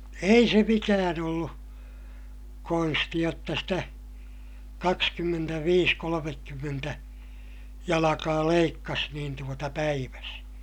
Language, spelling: Finnish, ei se mikään ollut konsti jotta sitä kaksikymmentäviisi kolmekymmentä jalkaa leikkasi niin tuota päivässä
- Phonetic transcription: ei se mikään ‿ollu , konsti jotta sitä , kakskymmentäviis kolomekkymmentä , jalakaa leikkas niin tuota päiväs .

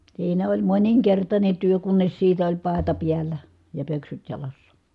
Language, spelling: Finnish, siinä oli moninkertainen työ kunnes siitä oli paeta päällä ja pöksyt jalassa
- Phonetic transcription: siinä oĺ moniŋkertańe työ kunnes siitä oĺ pàeta piällä , ja pöksyt jalassA .

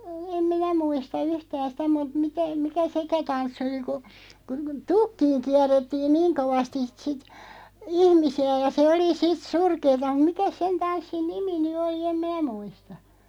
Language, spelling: Finnish, en minä muista yhtään sitä mutta mitä mikä sekään tanssi oli kun kun tukkiin kierrettiin niin kovasti sitten ihmisiä ja se oli sitten surkeata mutta mikäs sen tanssin nimi nyt oli en minä muista
- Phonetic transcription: 'em "minä 'muista "yhtän̬ sⁱtä mut 'mitä , 'mikä "sekä 'tanssⁱ oli ku , ku "tukkiiŋ 'kiär̆rettiin "niiŋ 'kovastis 'sit , "ihmisi₍ä ja 'se oli "sit "surkeeta (mut) 'mikäs "sen 'tanssin "nimi ny 'ol̬i 'em "m(in)ä 'muista .

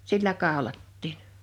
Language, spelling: Finnish, sillä kaulattiin
- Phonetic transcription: 'sillä 'kàolattiin .

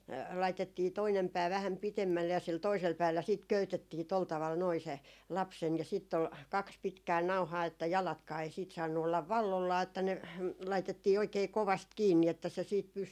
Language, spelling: Finnish, laitettiin toinen pää vähän pitemmälle ja sillä toisella päällä sitten köytettiin tuolla tavalla noin se lapsen ja sitten oli kaksi pitkää nauhaa että jalatkaan ei sitten saanut olla valloillaan että ne laitettiin oikein kovasti kiinni että se sitten pysyi
- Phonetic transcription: 'laitettii 'toinem 'pää vähäm "pitemmälle ja sil 'toisel päällä 'siit "köytettii tol taval noi se , 'lap'sen ja siitt ‿ol , 'kaks 'pitkää "nau̬haa että 'jalatkaa ei siit saannu ollav "vallollaa että ne , 'laitettii oikee "kovast 'kiinni että se siit 'pysy .

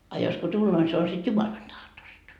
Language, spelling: Finnish, a jos kun tulee niin se on sitten Jumalan tahdosta
- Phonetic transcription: a jos ko 'tulloo ni se on sit "Jumalan tahtosta . »

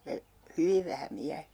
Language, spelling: Finnish, ja hyvin vähän miehiä
- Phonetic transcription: ja , "hyviv vähä 'miäh(iä) .

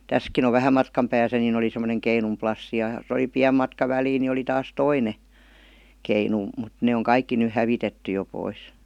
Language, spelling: Finnish, tässäkin on vähän matkan päässä niin oli semmoinen keinun plassi ja jos oli pieni matka väliä niin oli taas toinen keinu mutta ne on kaikki nyt hävitetty jo pois
- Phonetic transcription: täskin ‿ov 'vähä matkam 'pääsä niⁿ ‿oli semmoneŋ 'keinum "plassi ja (jos‿) oli "piäm 'matka 'välii ni oli taas "toine , "keinu , mut ne oŋ "kaikki ny "hävitetty jo 'pois .

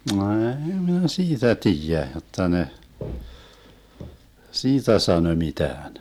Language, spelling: Finnish, ei minä siitä tiedä jotta ne siitä sanoi mitään
- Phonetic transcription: 'ɛ̀i minä 'siitä "tiijä 'jotta ne , "siitä 'sanö 'mitään .

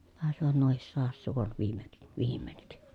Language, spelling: Finnish, taisivat nuokin saada suon - viimeinkin
- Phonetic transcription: tàesivat nuohis soahas suon , viime(k)- , viimeǹik .

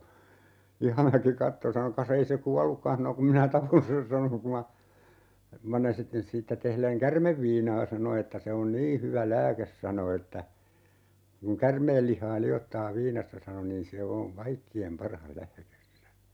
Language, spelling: Finnish, Ihamäki katsoi sanoi kas ei se kuollutkaan sanoi kun minä tapoin sen sanoi kun minä siitä tehden käärmeviinaa sano että se on niin hyvä lääke sanoi että kun käärmeen lihaa liottaa viinassa sanoi niin se on kaikkien paras lääke sanoi
- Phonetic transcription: "Ihamäki 'katto sano » ka's ‿ei se "kuallukkan » hano » 'kum minä "tapon sen » 'sano » ku ma , ( - -) siittä tehleŋ "kärmevviinaa » 'sano että » se on "nii hyvä 'lääkes » 'sano että , » kuŋ "kärmeel lih̀aa 'li₍ottaa "viinassa » 'sano » niin 'se o , "kaikki₍em 'parah 'lääkes » (sano) .

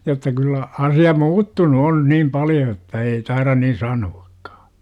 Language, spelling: Finnish, jotta kyllä asia muuttunut on niin paljon että ei taida niin sanoakaan
- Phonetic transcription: jotta kyllä , 'asi₍a "muuttunu 'on 'niim "paljo että 'ei tairan nin 'sanu-AkkA .

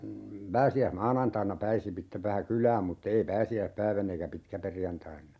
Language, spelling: Finnish, pääsiäismaanantaina pääsi sitten vähän kylään mutta ei pääsiäispäivänä eikä pitkäperjantaina
- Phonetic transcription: 'pääsi₍äs"maanantainna 'pääsi (sittev) 'vähä "kyl̀ääm mut't ‿ei 'pääsi₍äⁱhpäivänn ‿eikä 'pitkäperjantainna .

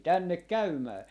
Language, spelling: Finnish, tänne käymään
- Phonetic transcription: "tännek "käymää .

